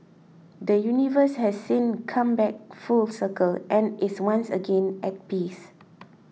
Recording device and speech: mobile phone (iPhone 6), read sentence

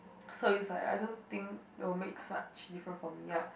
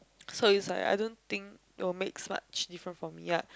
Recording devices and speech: boundary microphone, close-talking microphone, conversation in the same room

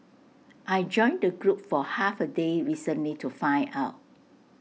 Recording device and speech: mobile phone (iPhone 6), read sentence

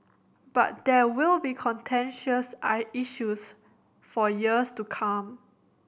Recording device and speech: boundary microphone (BM630), read sentence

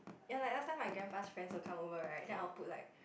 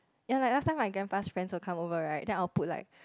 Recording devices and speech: boundary microphone, close-talking microphone, conversation in the same room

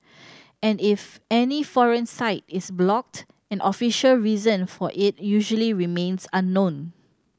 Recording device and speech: standing microphone (AKG C214), read sentence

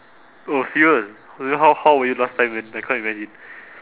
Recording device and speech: telephone, conversation in separate rooms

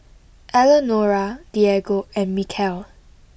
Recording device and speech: boundary microphone (BM630), read sentence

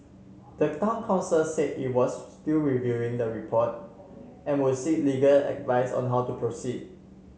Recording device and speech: mobile phone (Samsung C7), read sentence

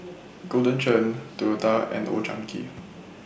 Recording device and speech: boundary microphone (BM630), read sentence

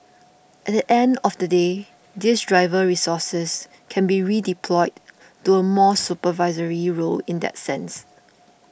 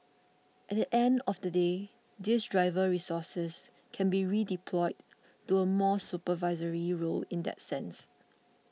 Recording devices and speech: boundary microphone (BM630), mobile phone (iPhone 6), read sentence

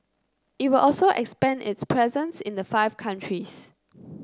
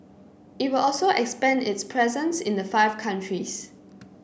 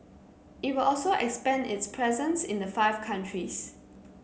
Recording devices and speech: close-talking microphone (WH30), boundary microphone (BM630), mobile phone (Samsung C9), read sentence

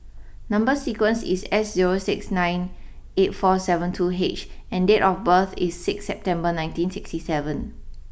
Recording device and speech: boundary microphone (BM630), read sentence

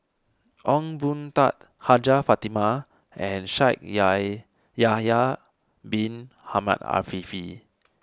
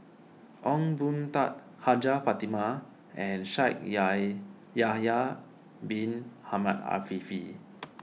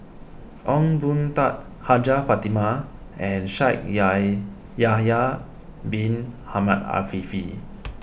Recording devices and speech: standing microphone (AKG C214), mobile phone (iPhone 6), boundary microphone (BM630), read sentence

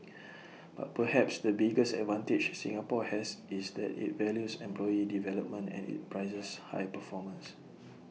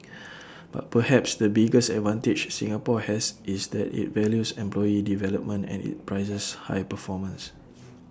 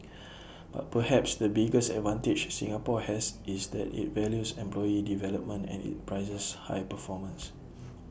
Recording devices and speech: mobile phone (iPhone 6), standing microphone (AKG C214), boundary microphone (BM630), read sentence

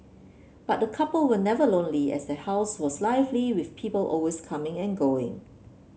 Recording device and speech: mobile phone (Samsung C7), read sentence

